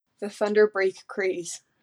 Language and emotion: English, fearful